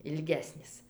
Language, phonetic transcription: Lithuanian, ilˈgesnis

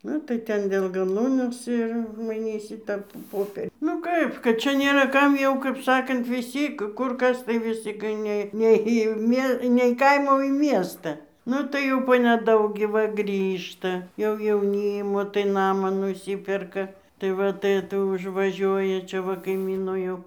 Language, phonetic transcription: Lithuanian, ˈnu tai ˈten ˈdėl gaˈlūnės ir maiˈnysi ˈtą ˈpoper' nu ˈkaip kad ˈčia ˈnėra ˈkam jau kaip ˈsakant viˈsy ˈkur ˈkas tai viˈsi kai ˈne ne į ˈmie ne į ˈkaimą o į ˈmiestą ˈnu tai ˈjau po neˈdaug gi ˈva ˈgrįžta jau jauˈnymo tai ˈnamą nuˈsyperka tai ˈva tai ˈtu užvaˈžiuoja ˈčia va kaiˈmyno jau

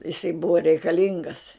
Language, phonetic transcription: Lithuanian, jiˈsai ˈbuva reikaˈlingas

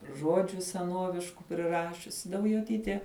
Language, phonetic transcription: Lithuanian, ˈžuodžiu seˈnuovišku priˈrašiusi daujoˈtytė

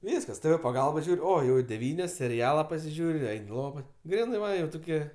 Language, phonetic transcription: Lithuanian, ˈvyskas tɘ vɘ paˈgalba ˈžiūr' ˈo ˈjau i deˈvynios seriˈala pasiˈžiūr' i ˈein' i ˈlova ˈgrynɜ va ˈjau tuˈkie

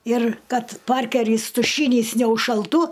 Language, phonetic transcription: Lithuanian, ir kad ˈparkerys tuˈšynys neužšalˈtų

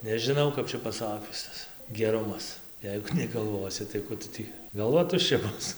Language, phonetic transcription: Lithuanian, nežiˈnau kap ˈčia paˈsakius ˈtas geˈrumas ˈjeigu negalˈvosi tai ˈku tu ˈtį galˈva tušˈčia ˈbus

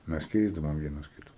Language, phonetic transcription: Lithuanian, ˈmes ˈkeisdavom ˈvienas ˈkita

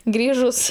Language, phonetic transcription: Lithuanian, ˈgrįžus

